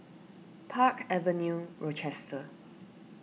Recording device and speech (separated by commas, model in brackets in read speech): mobile phone (iPhone 6), read sentence